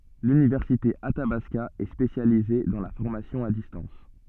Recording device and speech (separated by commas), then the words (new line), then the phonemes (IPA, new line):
soft in-ear microphone, read sentence
L'université Athabasca est spécialisée dans la formation à distance.
lynivɛʁsite atabaska ɛ spesjalize dɑ̃ la fɔʁmasjɔ̃ a distɑ̃s